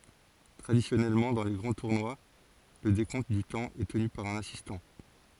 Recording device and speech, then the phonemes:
forehead accelerometer, read sentence
tʁadisjɔnɛlmɑ̃ dɑ̃ le ɡʁɑ̃ tuʁnwa lə dekɔ̃t dy tɑ̃ ɛ təny paʁ œ̃n asistɑ̃

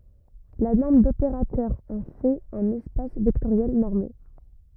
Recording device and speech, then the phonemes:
rigid in-ear microphone, read sentence
la nɔʁm dopeʁatœʁ ɑ̃ fɛt œ̃n ɛspas vɛktoʁjɛl nɔʁme

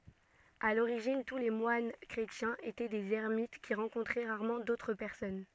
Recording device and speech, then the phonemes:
soft in-ear microphone, read sentence
a loʁiʒin tu le mwan kʁetjɛ̃z etɛ dez ɛʁmit ki ʁɑ̃kɔ̃tʁɛ ʁaʁmɑ̃ dotʁ pɛʁsɔn

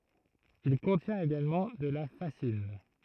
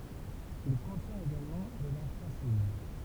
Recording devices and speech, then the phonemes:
throat microphone, temple vibration pickup, read sentence
il kɔ̃tjɛ̃t eɡalmɑ̃ də la fazin

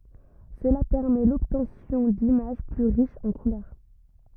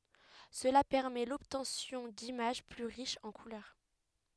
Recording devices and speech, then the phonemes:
rigid in-ear microphone, headset microphone, read sentence
səla pɛʁmɛ lɔbtɑ̃sjɔ̃ dimaʒ ply ʁiʃz ɑ̃ kulœʁ

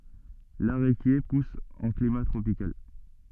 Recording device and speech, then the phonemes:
soft in-ear microphone, read sentence
laʁekje pus ɑ̃ klima tʁopikal

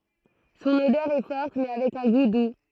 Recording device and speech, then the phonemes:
throat microphone, read sentence
sɔ̃n odœʁ ɛ fɔʁt mɛ avɛk œ̃ ɡu du

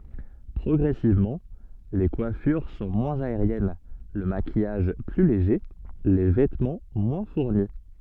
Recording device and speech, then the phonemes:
soft in-ear microphone, read sentence
pʁɔɡʁɛsivmɑ̃ le kwafyʁ sɔ̃ mwɛ̃z aeʁjɛn lə makijaʒ ply leʒe le vɛtmɑ̃ mwɛ̃ fuʁni

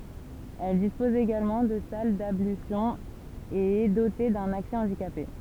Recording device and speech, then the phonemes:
temple vibration pickup, read sentence
ɛl dispɔz eɡalmɑ̃ də sal dablysjɔ̃z e ɛ dote dœ̃n aksɛ ɑ̃dikape

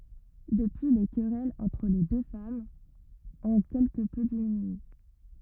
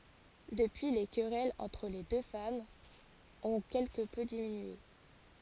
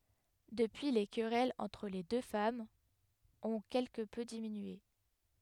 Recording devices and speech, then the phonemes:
rigid in-ear microphone, forehead accelerometer, headset microphone, read sentence
dəpyi le kʁɛlz ɑ̃tʁ le dø famz ɔ̃ kɛlkə pø diminye

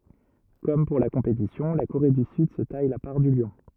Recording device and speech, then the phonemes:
rigid in-ear microphone, read sentence
kɔm puʁ la kɔ̃petisjɔ̃ la koʁe dy syd sə taj la paʁ dy ljɔ̃

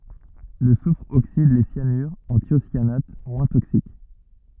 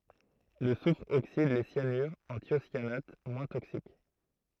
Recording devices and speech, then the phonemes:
rigid in-ear microphone, throat microphone, read sentence
lə sufʁ oksid le sjanyʁz ɑ̃ tjosjanat mwɛ̃ toksik

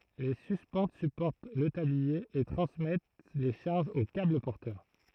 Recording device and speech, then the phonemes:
throat microphone, read sentence
le syspɑ̃t sypɔʁt lə tablie e tʁɑ̃smɛt le ʃaʁʒz o kabl pɔʁtœʁ

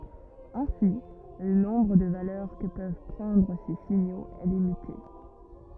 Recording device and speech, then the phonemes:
rigid in-ear microphone, read sentence
ɛ̃si lə nɔ̃bʁ də valœʁ kə pøv pʁɑ̃dʁ se siɲoz ɛ limite

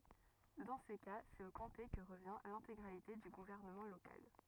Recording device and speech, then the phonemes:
rigid in-ear microphone, read sentence
dɑ̃ sə ka sɛt o kɔ̃te kə ʁəvjɛ̃ lɛ̃teɡʁalite dy ɡuvɛʁnəmɑ̃ lokal

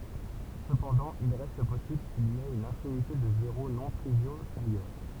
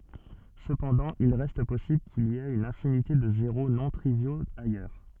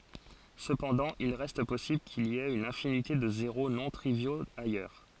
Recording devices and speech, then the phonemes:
temple vibration pickup, soft in-ear microphone, forehead accelerometer, read sentence
səpɑ̃dɑ̃ il ʁɛst pɔsibl kil i ɛt yn ɛ̃finite də zeʁo nɔ̃ tʁivjoz ajœʁ

